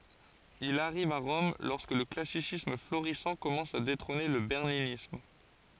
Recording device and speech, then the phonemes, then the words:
forehead accelerometer, read sentence
il aʁiv a ʁɔm lɔʁskə lə klasisism floʁisɑ̃ kɔmɑ̃s a detʁɔ̃ne lə bɛʁninism
Il arrive à Rome lorsque le classicisme florissant commence à détrôner le berninisme.

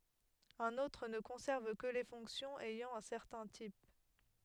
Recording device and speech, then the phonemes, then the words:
headset microphone, read sentence
œ̃n otʁ nə kɔ̃sɛʁv kə le fɔ̃ksjɔ̃z ɛjɑ̃ œ̃ sɛʁtɛ̃ tip
Un autre ne conserve que les fonctions ayant un certain type.

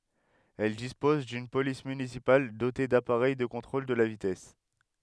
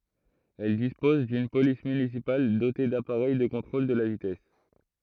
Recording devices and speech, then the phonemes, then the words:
headset microphone, throat microphone, read sentence
ɛl dispɔz dyn polis mynisipal dote dapaʁɛj də kɔ̃tʁol də la vitɛs
Elle dispose d'une police municipale dotée d'appareil de contrôle de la vitesse.

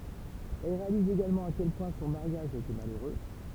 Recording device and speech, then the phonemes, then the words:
temple vibration pickup, read sentence
ɛl ʁealiz eɡalmɑ̃ a kɛl pwɛ̃ sɔ̃ maʁjaʒ a ete maløʁø
Elle réalise également à quel point son mariage a été malheureux.

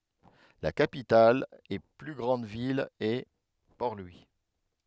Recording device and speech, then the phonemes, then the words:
headset microphone, read sentence
la kapital e ply ɡʁɑ̃d vil ɛ pɔʁ lwi
La capitale et plus grande ville est Port-Louis.

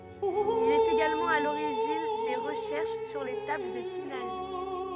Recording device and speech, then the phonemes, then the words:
rigid in-ear microphone, read sentence
il ɛt eɡalmɑ̃ a loʁiʒin de ʁəʃɛʁʃ syʁ le tabl də final
Il est également à l'origine des recherches sur les tables de finales.

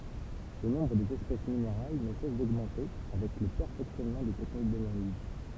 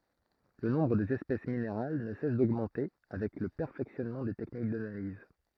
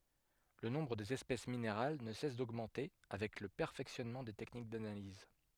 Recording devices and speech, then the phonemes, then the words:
temple vibration pickup, throat microphone, headset microphone, read sentence
lə nɔ̃bʁ dez ɛspɛs mineʁal nə sɛs doɡmɑ̃te avɛk lə pɛʁfɛksjɔnmɑ̃ de tɛknik danaliz
Le nombre des espèces minérales ne cesse d'augmenter avec le perfectionnement des techniques d'analyse.

